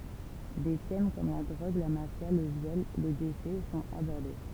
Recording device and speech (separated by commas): temple vibration pickup, read sentence